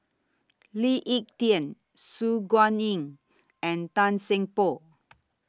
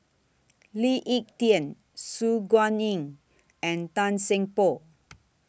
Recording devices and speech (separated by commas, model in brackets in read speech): standing microphone (AKG C214), boundary microphone (BM630), read sentence